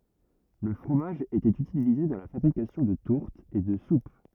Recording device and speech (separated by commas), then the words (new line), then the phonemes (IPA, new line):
rigid in-ear microphone, read sentence
Le fromage était utilisé dans la fabrication de tourtes et de soupes.
lə fʁomaʒ etɛt ytilize dɑ̃ la fabʁikasjɔ̃ də tuʁtz e də sup